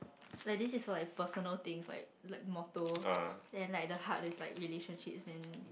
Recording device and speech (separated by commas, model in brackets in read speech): boundary microphone, conversation in the same room